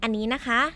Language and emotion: Thai, neutral